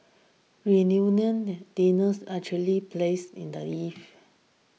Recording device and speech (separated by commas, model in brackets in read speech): mobile phone (iPhone 6), read sentence